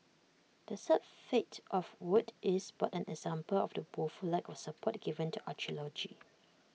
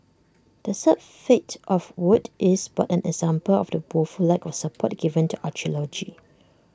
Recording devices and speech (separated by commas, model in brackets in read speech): mobile phone (iPhone 6), standing microphone (AKG C214), read sentence